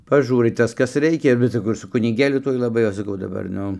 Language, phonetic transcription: Lithuanian, paˈžūrai ˈtas ˈkas ˈreikia bet saˈkau ir su kuniˈgėliu ˈtuoj laˈbai ˈaš saˈkau daˈbar ˈnu

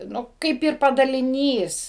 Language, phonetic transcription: Lithuanian, ˈnu ˈkaip ir padaliˈnys

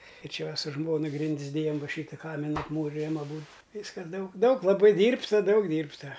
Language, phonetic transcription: Lithuanian, ir ˈčia ˈva su ˈžmona ˈgrindis ˈdėjam ˈva ˈšyta ˈkamina apˈmūrijam aˈbūd ˈvyskas ˈdaug ˈdaug laˈbai ˈdyrbta ˈdaug ˈdyrbta

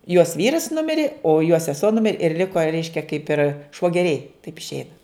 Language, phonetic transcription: Lithuanian, jos ˈvyras ˈnumirė o jo seˈsuo ˈnumir' ir ˈliko ˈreiškia kaip ir švoˈgeriai taip išˈeina

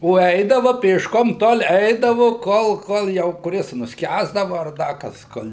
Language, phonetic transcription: Lithuanian, o ˈeidava pėšˈkom tol ˈeidavu ˈkol ˈkol jau kuˈris nusˈkęsdava ar ˈda kas ˈkol'

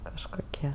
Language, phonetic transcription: Lithuanian, kažkoˈkie

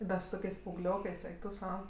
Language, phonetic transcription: Lithuanian, bet su ˈtokiais paauˈgliokɜs ˈeik tu ˈsau

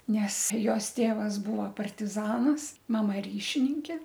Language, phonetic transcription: Lithuanian, ˈnes ˈjos ˈtėvas ˈbuvo partiˈzanas maˈma ˈryšininkė

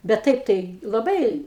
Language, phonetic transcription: Lithuanian, bet ˈtaip ˈtai laˈbai

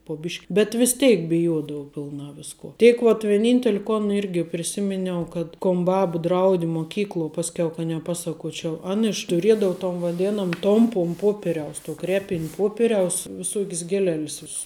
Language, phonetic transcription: Lithuanian, po ˈbišk' bet vis ˈteik biˈjodavu pilˈnā ˈvisko ˈtėk vat vieˈnynteli ˈkon ˈirgi priˈsiminiau kad ˈkon ˈbab ˈdraudi moˈkykluo ˈpaskiau ka neˈpasaˌkuočiau ˈan iš tuˈriedau ton vaˈdėnom ˈtompum ˈpoperiaus tuo ˈkrepin' ˈpoperiaus viˈsuok's gieˈlel's ˈviss

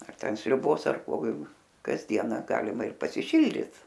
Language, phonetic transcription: Lithuanian, ar ˈten sriuˈbos ar ˈko kasˈdiena ˈgalima ir pasiˈšildit

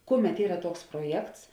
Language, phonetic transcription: Lithuanian, ˈkuˌmet ˈyra ˈtuoks proˈjekts

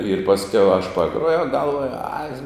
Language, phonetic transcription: Lithuanian, ir pasˈkiau aš paˈgruojau galˈvuoju ai

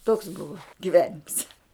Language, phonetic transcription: Lithuanian, toks ˈbuva giˈvenims

